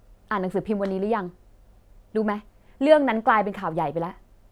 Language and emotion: Thai, frustrated